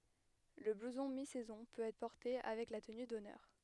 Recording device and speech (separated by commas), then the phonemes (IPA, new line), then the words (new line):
headset microphone, read sentence
lə bluzɔ̃ mi sɛzɔ̃ pøt ɛtʁ pɔʁte avɛk la təny dɔnœʁ
Le blouson mi-saison peut être porté avec la tenue d'honneur.